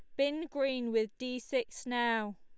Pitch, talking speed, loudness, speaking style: 250 Hz, 165 wpm, -34 LUFS, Lombard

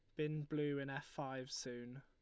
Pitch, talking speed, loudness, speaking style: 140 Hz, 200 wpm, -44 LUFS, Lombard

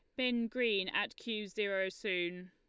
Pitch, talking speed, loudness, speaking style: 210 Hz, 155 wpm, -35 LUFS, Lombard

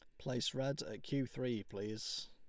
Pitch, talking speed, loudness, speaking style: 125 Hz, 175 wpm, -41 LUFS, Lombard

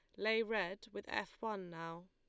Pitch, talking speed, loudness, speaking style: 205 Hz, 190 wpm, -41 LUFS, Lombard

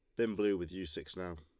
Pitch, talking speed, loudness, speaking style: 95 Hz, 300 wpm, -37 LUFS, Lombard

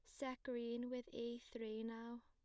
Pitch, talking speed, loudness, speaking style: 235 Hz, 175 wpm, -48 LUFS, plain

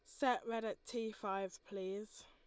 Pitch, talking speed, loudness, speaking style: 220 Hz, 175 wpm, -42 LUFS, Lombard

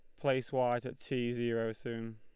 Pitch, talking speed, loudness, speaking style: 120 Hz, 185 wpm, -35 LUFS, Lombard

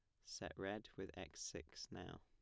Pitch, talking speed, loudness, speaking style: 95 Hz, 180 wpm, -51 LUFS, plain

